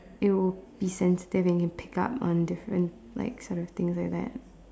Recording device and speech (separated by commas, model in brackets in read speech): standing microphone, conversation in separate rooms